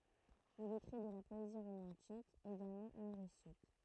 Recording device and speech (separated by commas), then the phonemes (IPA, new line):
throat microphone, read sentence
il ekʁi də la pɔezi ʁomɑ̃tik eɡalmɑ̃ ymoʁistik